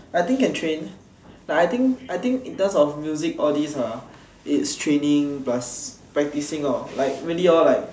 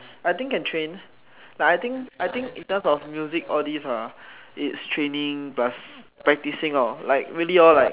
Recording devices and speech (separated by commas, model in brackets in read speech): standing microphone, telephone, conversation in separate rooms